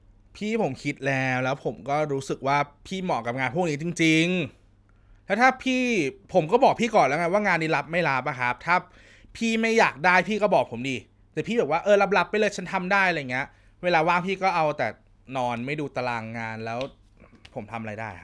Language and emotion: Thai, frustrated